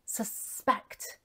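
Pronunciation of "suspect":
'Suspect' is said as the verb, with the stress on the second syllable.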